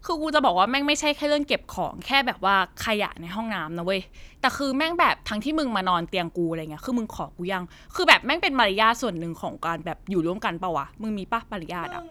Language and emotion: Thai, frustrated